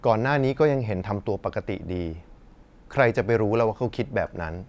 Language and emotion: Thai, neutral